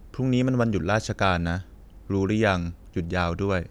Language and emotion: Thai, neutral